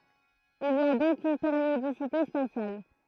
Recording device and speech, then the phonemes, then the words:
throat microphone, read sentence
il i a dɔ̃k yn peʁjodisite spasjal
Il y a donc une périodicité spatiale.

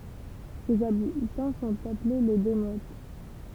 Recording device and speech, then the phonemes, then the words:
temple vibration pickup, read sentence
sez abitɑ̃ sɔ̃t aple le demot
Ses habitants sont appelés les démotes.

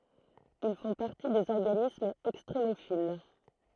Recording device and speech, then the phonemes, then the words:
throat microphone, read sentence
il fɔ̃ paʁti dez ɔʁɡanismz ɛkstʁemofil
Ils font partie des organismes extrémophiles.

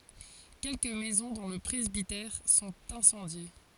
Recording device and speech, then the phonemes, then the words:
forehead accelerometer, read sentence
kɛlkə mɛzɔ̃ dɔ̃ lə pʁɛzbitɛʁ sɔ̃t ɛ̃sɑ̃dje
Quelques maisons, dont le presbytère, sont incendiées.

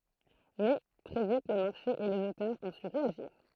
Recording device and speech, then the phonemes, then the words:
throat microphone, read sentence
mɛ tʁɛ vit lə maʁʃe e lez otœʁz ɔ̃ sy ʁeaʒiʁ
Mais, très vite le marché et les auteurs ont su réagir.

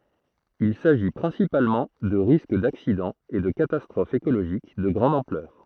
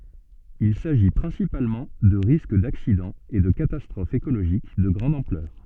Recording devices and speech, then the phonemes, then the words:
throat microphone, soft in-ear microphone, read sentence
il saʒi pʁɛ̃sipalmɑ̃ də ʁisk daksidɑ̃z e də katastʁofz ekoloʒik də ɡʁɑ̃d ɑ̃plœʁ
Il s’agit principalement de risques d’accidents et de catastrophes écologiques de grande ampleur.

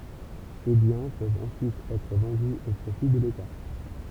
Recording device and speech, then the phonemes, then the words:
temple vibration pickup, read sentence
se bjɛ̃ pøvt ɑ̃syit ɛtʁ vɑ̃dy o pʁofi də leta
Ces biens peuvent ensuite être vendus au profit de l'État.

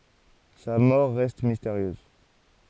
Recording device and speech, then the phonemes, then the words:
forehead accelerometer, read sentence
sa mɔʁ ʁɛst misteʁjøz
Sa mort reste mystérieuse.

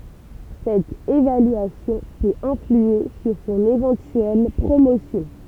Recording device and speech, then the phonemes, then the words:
temple vibration pickup, read sentence
sɛt evalyasjɔ̃ pøt ɛ̃flye syʁ sɔ̃n evɑ̃tyɛl pʁomosjɔ̃
Cette évaluation peut influer sur son éventuelle promotion.

